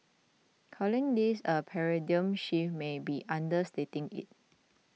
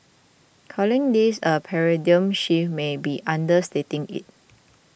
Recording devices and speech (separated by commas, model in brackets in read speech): mobile phone (iPhone 6), boundary microphone (BM630), read sentence